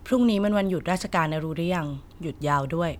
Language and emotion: Thai, neutral